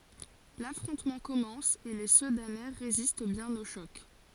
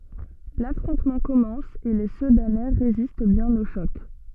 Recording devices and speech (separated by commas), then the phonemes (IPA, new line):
forehead accelerometer, soft in-ear microphone, read sentence
lafʁɔ̃tmɑ̃ kɔmɑ̃s e le sədanɛ ʁezist bjɛ̃n o ʃɔk